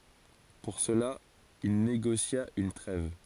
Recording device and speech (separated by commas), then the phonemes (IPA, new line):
forehead accelerometer, read sentence
puʁ səla il neɡosja yn tʁɛv